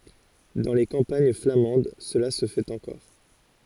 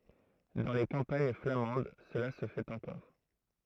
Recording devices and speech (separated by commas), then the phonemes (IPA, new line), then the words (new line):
forehead accelerometer, throat microphone, read sentence
dɑ̃ le kɑ̃paɲ flamɑ̃d səla sə fɛt ɑ̃kɔʁ
Dans les campagnes flamandes cela se fait encore.